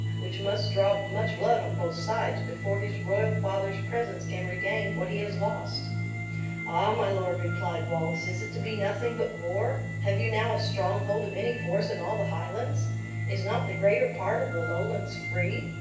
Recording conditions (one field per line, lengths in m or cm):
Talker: one person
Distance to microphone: 9.8 m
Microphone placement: far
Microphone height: 1.8 m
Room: large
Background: music